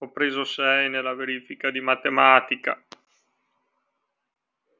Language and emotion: Italian, sad